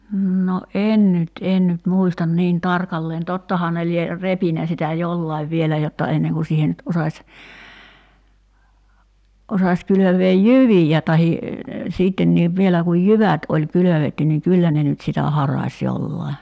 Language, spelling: Finnish, no en nyt en nyt muista niin tarkalleen tottahan ne lie repinyt sitä jollakin vielä jotta ennen kuin siihen nyt osasi osasi kylvää jyviä tai sittenkin vielä kun jyvät oli kylvetty niin kyllä ne nyt sitä harasi jollakin
- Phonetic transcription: 'ǹo "en nyt 'en nyt 'muistan 'niin "tarkalleen 'tottahaa ne lie , 'repinä sitä "jollaiv 'vielä jotta 'enneŋ ku siihe nyt 'osaś , 'osas 'kylöveej "jyvijä tahi , 'siittenniiv "vielä kuj "jyvät oĺ 'kylövetty niŋ "kyllä ne nyt sitä 'haraś 'jollai̬ .

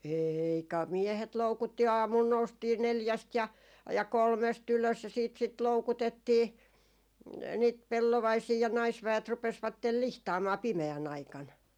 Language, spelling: Finnish, ei kai miehet loukutti aamulla noustiin neljästä ja ja kolmesta ylös ja sitten sitä loukutettiin niitä pellovaisia ja naisväet rupesivat lihtaamaan pimeän aikana
- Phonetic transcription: eii ka , 'miehet 'loukutti 'aamul noustii "neljäst ja , ja 'kolmes't ‿ylös ja siit sit "loukutettii , 'niit 'pellovaisii ja 'naisväet rupesvattel "lihtaamaa 'pimeä'n ‿aikan .

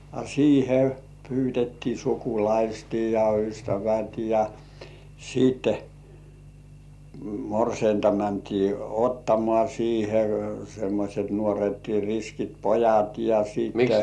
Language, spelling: Finnish, a siihen pyydettiin sukulaiset ja ystävät ja sitten morsianta mentiin ottamaan siihen semmoiset nuoret riskit pojat ja sitten
- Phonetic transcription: a 'siihe pyytettii "sukulaisti ja "ystävät ja , siitte , 'morseinta mäntii "ottomŏà siihe , semmośet nuoret 'riskit "pojat ja 'siitte .

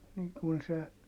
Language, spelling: Finnish, niin kuin se
- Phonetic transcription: niiŋ kun se ,.

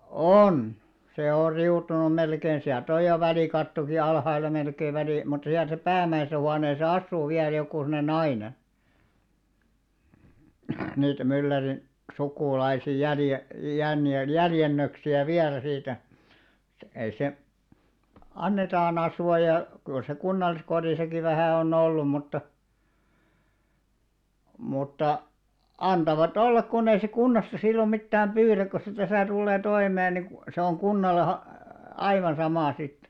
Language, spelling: Finnish, on se on riutunut melkein sieltä on jo välikattokin alhaalla melkein - mutta siellä se päämäisessä huoneessa asuu vielä joku semmoinen nainen niitä myllärin sukulaisia - - jäljennöksiä vielä siitä ei se annetaan asua ja kyllä se kunnalliskodissakin vähän on ollut mutta mutta antavat olla kun ei se kunnasta silloin mitään pyydä kun se tässä tulee toimeen niin - se on kunnalle - aivan sama sitten
- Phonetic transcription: òn , se 'or 'riutunum̆§ "melkein siält ‿oj jo 'välìkattoki 'alhaila melkei välì- , mut siäl se "päämäisᵉsä 'huaneesa "assuu viäl 'joku sen̆§ne "naine , niitä 'mylläri , "sukùlaisi jälje- , jänjel- 'jäljennöksi₍ä "viälä siitä , ei se , "annetaan ‿asu₍a ja , kyl se 'kunnalliskod̳§ìsaki vähä̀ on'n ‿ollum mutta , mutta , 'antava"t ‿ollak kunnei se 'kunnasta sillom 'mittääm "pyyräk ko se 'täsä̀ tullee "toimee ni ku- , se oŋ 'kunnale ha- , "aivan 'samà 'sit .

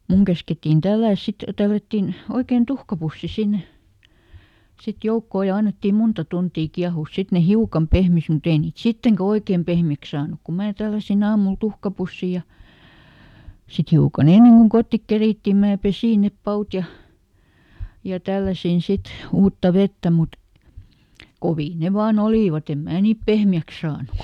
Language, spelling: Finnish, sitten minun käskettiin tällätä sitten tällättiin oikein tuhkapussi sinne sitten joukkoon ja annettiin monta tuntia kiehua sitten ne hiukan pehmisi mutta ei niitä sittenkään oikein pehmeiksi saanut kun minä tälläsin aamulla tuhkapussin ja sitten hiukan ennen kuin kotiin kerittiin minä pesin ne pavut ja ja tälläsin sitten uutta vettä mutta kovia ne vain olìvat en minä niitä pehmeäksi saanut kun
- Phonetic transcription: ˈsit , "muŋ käskettin ˈtällä̀s ˈsit , ˈtällättin , ˈoikein "tuhkapussi ˈsinne , sit "joukkò ja ˈannettim ˈmunta ˈtuntii ˈkiahùs "sit ne "hiukam ˈpehmis muˈt ‿ei niit "sitteŋkä ˈoikeem ˈpehmi₍äks saanuk ku ˈmää ˈtälläsiˈn ‿aamul "tuhkapussi ja , sit ˈhiukaˈn ‿enneŋ kuŋ "kottik ˈkerìttì mää ˈpesì nep "paut ja , ja ˈtälläsin ˈsit , ˈuutta ˈvettä mut , ˈkovii ne vaa"n ‿olìvaˈt ‿em "mää niip ˈpehmi₍äks saanuk kᵒ ,.

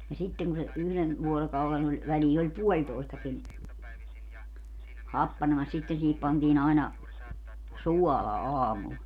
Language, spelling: Finnish, ja sitten kun se yhden vuorokauden oli väliin oli puolitoistakin happanemassa sitten siihen pantiin aina suolaa aamulla
- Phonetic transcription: ja 'sitteŋ ku se , 'yhlen , 'vuorokaulen ‿oĺ , 'välii oĺ "puoĺtoistakin , 'happanemas 'sitten siihip pantiin ‿aina , "suɔlaa 'aamul .

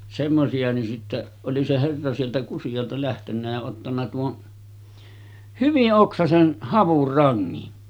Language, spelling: Finnish, semmoisia niin sitten oli se herra sieltä Kusialta lähtenyt ja ottanut tuon hyvin oksaisen havunrangin
- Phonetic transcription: semmosi₍a ni sitte , oli se 'herra sieltä 'Kusiʲalta lähtennä ja ottanna 'tuon , "hyvi’ '’oksasen , 'havurraŋŋin .

